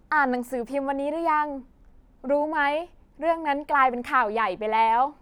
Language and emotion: Thai, happy